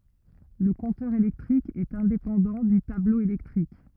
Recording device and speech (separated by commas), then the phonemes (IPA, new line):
rigid in-ear microphone, read sentence
lə kɔ̃tœʁ elɛktʁik ɛt ɛ̃depɑ̃dɑ̃ dy tablo elɛktʁik